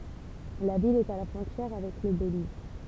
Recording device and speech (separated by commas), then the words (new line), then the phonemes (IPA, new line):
temple vibration pickup, read sentence
La ville est à la frontière avec le Belize.
la vil ɛt a la fʁɔ̃tjɛʁ avɛk lə beliz